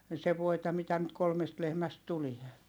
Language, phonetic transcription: Finnish, se voita mitä nyt kolmest lehmäst tulie .
- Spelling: se voita mitä nyt kolmesta lehmästä tulee

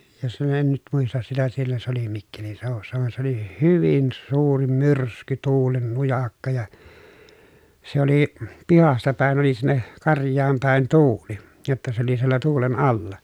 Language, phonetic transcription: Finnish, ja se en nyt muistas sitä siellä se ‿oli mikkelinsèovussa vaen se ‿oli "hyvin "suuri "myrsky , "tuulen "nujakka ja , se ‿oli , pihasta pä̀en oli sinne , karj̀aam pä̀en tuuli , jotta se ‿oli siellä tuulen alla .
- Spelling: ja se en nyt muista sitä siellä se oli mikkelin seudussa vaan se oli hyvin suuri myrsky tuulen nujakka ja se oli pihasta päin oli sinne karjaan päin tuuli jotta se oli siellä tuulen alla

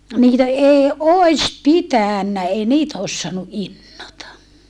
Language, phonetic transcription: Finnish, niitä èi òis pitä̀nnä ei niitä os soanu ʼinnota .
- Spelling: niitä ei olisi pitänyt ei niitä olisi saanut innota

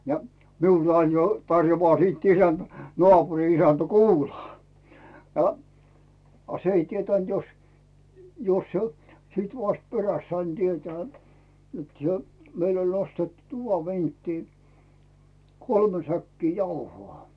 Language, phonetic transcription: Finnish, ja , 'miull ‿ain jo 'tarjovaa siit "isänt , 'nᵒaapuri 'isäntᴀ̈ "kuulaa , no , a s ‿ei 'tietä̀nt jos , jos se- , 'sìt vast "peräst sain 'tietᵉä̀ , et se , 'meill ‿oĺ nostettu 'tuva 'vinttii , 'kolme säkkii 'jauho̳a̳ .
- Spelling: ja minulle aina jo tarjoaa sitten isäntä naapurin isäntä kuulaa no a se ei tietänyt jos jos - sitten vasta perästä sain tietää että se meillä oli nostettu tuvan vinttiin kolme säkkiä jauhoa

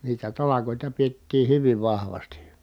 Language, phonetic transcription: Finnish, niitä talakòita piettii hyviv vahvasti .
- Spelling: niitä talkoita pidettiin hyvin vahvasti

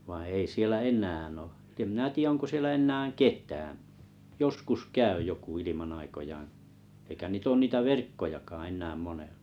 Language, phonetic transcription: Finnish, vaiḭ ei 'siel̆lä "en̆nää ‿o , ᵗᵉᵐ mⁱnä tiʲä 'oŋko 'siellä 'ennään "ket̀ää , "joskus 'käy joku 'iliman aikojaaa̰ , eikä 'niit ‿oon 'niitä "verkkojakaaa̰ eǹääm 'moneʟʟᴀ .
- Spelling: vaan ei siellä enää ole että en minä tiedä onko siellä enää ketään joskus käy joku ilman aikojaan eikä niitä ole niitä verkkojakaan enää monella

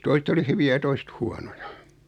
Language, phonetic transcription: Finnish, 'toiset ‿oli "hyvi₍ä ja 'toiset "huanoja .
- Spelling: toiset oli hyviä ja toiset huonoja

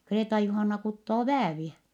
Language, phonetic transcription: Finnish, Kreeta-Juhanna kuttoo vääviɛ .
- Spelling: Kreeta-Juhanna kutoo vääviä

